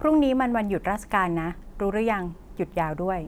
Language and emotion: Thai, neutral